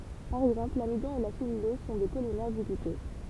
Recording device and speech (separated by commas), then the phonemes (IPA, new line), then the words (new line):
temple vibration pickup, read sentence
paʁ ɛɡzɑ̃pl lamidɔ̃ e la sɛlylɔz sɔ̃ de polimɛʁ dy ɡlykɔz
Par exemple, l'amidon et la cellulose sont des polymères du glucose.